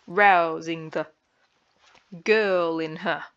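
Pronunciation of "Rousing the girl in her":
'Rousing the girl in her' is said in dactyls, with a long, short, short rhythm.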